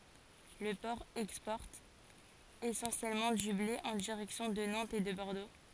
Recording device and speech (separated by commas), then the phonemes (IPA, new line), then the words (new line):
forehead accelerometer, read sentence
lə pɔʁ ɛkspɔʁt esɑ̃sjɛlmɑ̃ dy ble ɑ̃ diʁɛksjɔ̃ də nɑ̃tz e də bɔʁdo
Le port exporte essentiellement du blé en direction de Nantes et de Bordeaux.